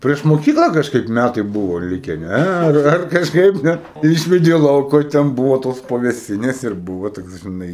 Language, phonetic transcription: Lithuanian, prieš moˈkykla ˈkažkaip ˈmætai ˈbuvo ˈlike ˈne ˈar ar kažˈkaip net ˈišvedė ˈlauku o ten ˈbuvo tos pavėˈsinės ir ˈbuvo toks ˈžinai

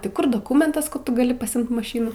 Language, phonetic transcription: Lithuanian, tai ˈkur doˈkumentas kad ˈtu gaˈli paˈsimt maˈšynų

